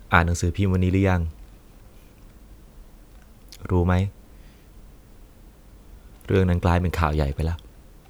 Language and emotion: Thai, neutral